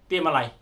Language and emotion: Thai, angry